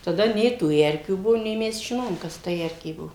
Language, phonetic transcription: Lithuanian, taˈda ˈnei tų ˈerkių ˈbuvo nei ˈmes žiˈnojom ˈkas ta ˈerkė ˈbuo

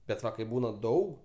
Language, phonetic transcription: Lithuanian, bet ˈva kaip ˈbūna ˈdaug

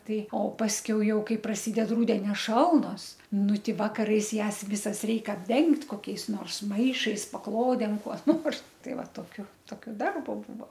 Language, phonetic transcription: Lithuanian, ˈtai o pasˈkiau ˈjau ˈkai praˈsyded ˈrudenio ˈšalnos ˈnu ˈti ˈvakarais ˈjąs ˈvisas ˈreik apˈdengt' koˈkiais ˈnors ˈmaišais paˈklodėm kuo ˈnors ˈtai ˈva toˈkiu ˈtokio ˈdarbo ˈbūvo

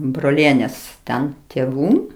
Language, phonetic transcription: Lithuanian, broˈlienės ˈten tėˈvų

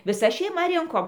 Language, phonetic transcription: Lithuanian, viˈsa šeiˈma ˈrinkom

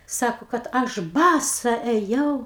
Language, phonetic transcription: Lithuanian, ˈsako kad ˈaš ˈbasa eˈjau

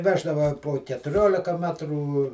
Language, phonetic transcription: Lithuanian, ˈveždava po ketuˈriolika ˈmetrų

